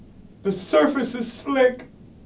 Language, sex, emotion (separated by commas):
English, male, fearful